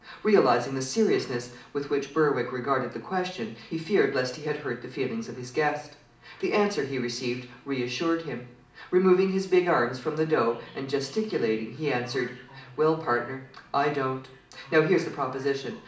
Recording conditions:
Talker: one person; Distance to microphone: 2.0 m; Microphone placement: close; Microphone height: 99 cm; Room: medium-sized (5.7 m by 4.0 m); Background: television

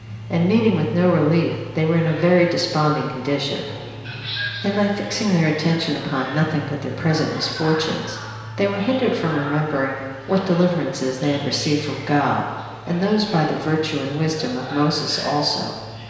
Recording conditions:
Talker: one person; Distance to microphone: 1.7 m; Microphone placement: close; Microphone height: 1.0 m; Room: very reverberant, large; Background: television

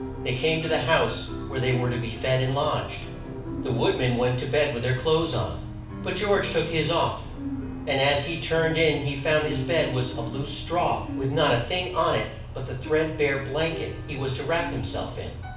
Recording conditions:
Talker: one person; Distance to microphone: 5.8 m; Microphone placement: far; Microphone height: 1.8 m; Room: medium-sized (5.7 m by 4.0 m); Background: music

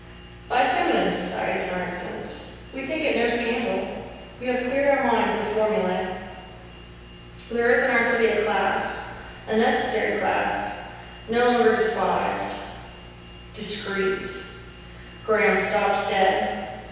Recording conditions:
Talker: one person; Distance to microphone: 7.1 m; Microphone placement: far; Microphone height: 1.7 m; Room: very reverberant, large; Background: none

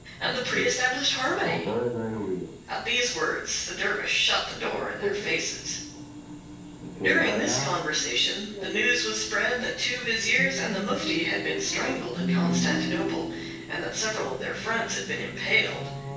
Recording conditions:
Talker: one person; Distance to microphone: 9.8 m; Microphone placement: far; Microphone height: 1.8 m; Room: large; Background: television

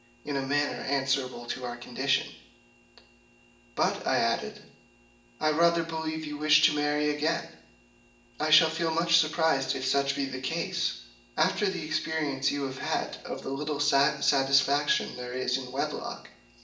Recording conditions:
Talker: one person; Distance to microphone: 1.8 m; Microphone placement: close; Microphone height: 1.0 m; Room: large; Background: none

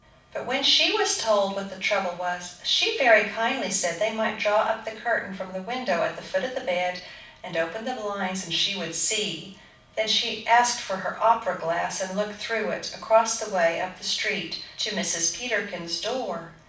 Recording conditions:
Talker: one person; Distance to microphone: 5.8 m; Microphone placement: far; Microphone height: 1.8 m; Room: medium-sized (5.7 m by 4.0 m); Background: none

